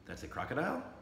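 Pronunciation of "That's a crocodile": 'That's a crocodile' is said with the intonation of a question.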